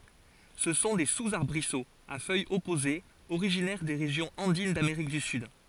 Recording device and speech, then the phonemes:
forehead accelerometer, read sentence
sə sɔ̃ de suzaʁbʁisoz a fœjz ɔpozez oʁiʒinɛʁ de ʁeʒjɔ̃z ɑ̃din dameʁik dy syd

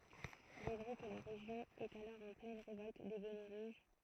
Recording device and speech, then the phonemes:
throat microphone, read sentence
il ɛ vʁɛ kə la ʁeʒjɔ̃ ɛt alɔʁ ɑ̃ plɛn ʁevɔlt de bɔnɛ ʁuʒ

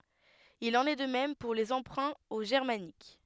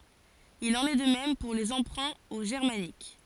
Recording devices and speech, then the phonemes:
headset microphone, forehead accelerometer, read sentence
il ɑ̃n ɛ də mɛm puʁ le ɑ̃pʁɛ̃ o ʒɛʁmanik

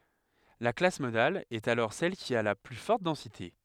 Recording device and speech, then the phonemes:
headset microphone, read sentence
la klas modal ɛt alɔʁ sɛl ki a la ply fɔʁt dɑ̃site

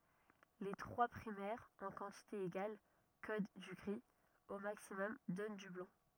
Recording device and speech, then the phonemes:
rigid in-ear microphone, read sentence
le tʁwa pʁimɛʁz ɑ̃ kɑ̃tite eɡal kod dy ɡʁi o maksimɔm dɔn dy blɑ̃

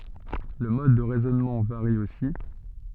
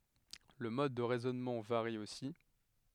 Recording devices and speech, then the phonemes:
soft in-ear microphone, headset microphone, read sentence
lə mɔd də ʁɛzɔnmɑ̃ vaʁi osi

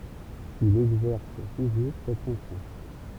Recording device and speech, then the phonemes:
temple vibration pickup, read sentence
il ɛɡzɛʁs tuʒuʁ sɛt fɔ̃ksjɔ̃

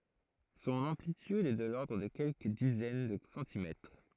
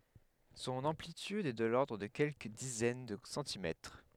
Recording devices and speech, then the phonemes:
throat microphone, headset microphone, read sentence
sɔ̃n ɑ̃plityd ɛ də lɔʁdʁ də kɛlkə dizɛn də sɑ̃timɛtʁ

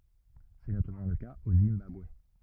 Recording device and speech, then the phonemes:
rigid in-ear microphone, read sentence
sɛ notamɑ̃ lə kaz o zimbabwe

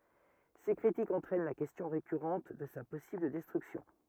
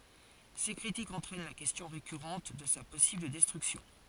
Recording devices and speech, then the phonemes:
rigid in-ear microphone, forehead accelerometer, read sentence
se kʁitikz ɑ̃tʁɛn la kɛstjɔ̃ ʁekyʁɑ̃t də sa pɔsibl dɛstʁyksjɔ̃

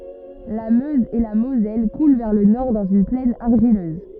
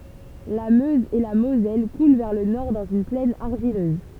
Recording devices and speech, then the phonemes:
rigid in-ear microphone, temple vibration pickup, read sentence
la møz e la mozɛl kulɑ̃ vɛʁ lə nɔʁ dɑ̃z yn plɛn aʁʒiløz

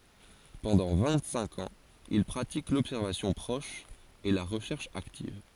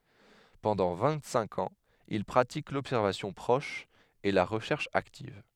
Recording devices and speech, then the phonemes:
forehead accelerometer, headset microphone, read sentence
pɑ̃dɑ̃ vɛ̃ɡtsɛ̃k ɑ̃z il pʁatik lɔbsɛʁvasjɔ̃ pʁɔʃ e la ʁəʃɛʁʃ aktiv

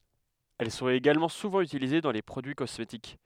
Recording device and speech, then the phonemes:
headset microphone, read sentence
ɛl sɔ̃t eɡalmɑ̃ suvɑ̃ ytilize dɑ̃ le pʁodyi kɔsmetik

